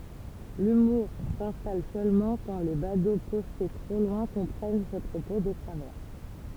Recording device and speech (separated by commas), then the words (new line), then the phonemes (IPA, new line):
temple vibration pickup, read sentence
L'humour s'installe seulement quand les badauds postés trop loin comprennent ses propos de travers.
lymuʁ sɛ̃stal sølmɑ̃ kɑ̃ le bado pɔste tʁo lwɛ̃ kɔ̃pʁɛn se pʁopo də tʁavɛʁ